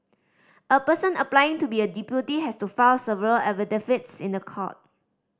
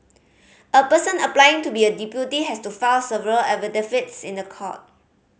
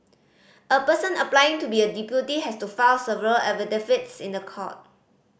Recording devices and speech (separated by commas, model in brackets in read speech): standing microphone (AKG C214), mobile phone (Samsung C5010), boundary microphone (BM630), read sentence